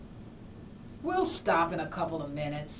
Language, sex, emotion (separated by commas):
English, female, disgusted